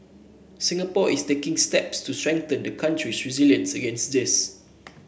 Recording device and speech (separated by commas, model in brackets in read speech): boundary microphone (BM630), read sentence